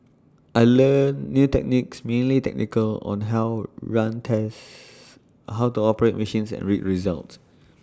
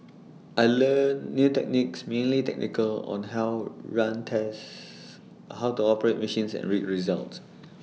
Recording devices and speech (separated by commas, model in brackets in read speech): standing microphone (AKG C214), mobile phone (iPhone 6), read sentence